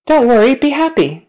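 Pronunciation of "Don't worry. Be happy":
'Don't worry. Be happy.' is said in a natural manner and at a natural speed, not slowly.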